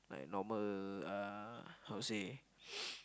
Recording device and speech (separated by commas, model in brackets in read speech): close-talking microphone, conversation in the same room